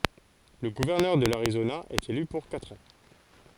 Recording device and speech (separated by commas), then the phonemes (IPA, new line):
forehead accelerometer, read sentence
lə ɡuvɛʁnœʁ də laʁizona ɛt ely puʁ katʁ ɑ̃